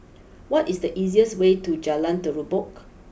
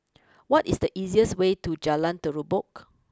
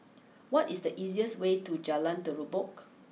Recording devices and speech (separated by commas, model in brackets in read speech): boundary microphone (BM630), close-talking microphone (WH20), mobile phone (iPhone 6), read sentence